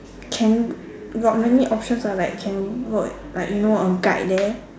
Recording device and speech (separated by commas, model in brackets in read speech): standing microphone, conversation in separate rooms